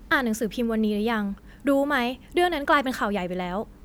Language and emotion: Thai, neutral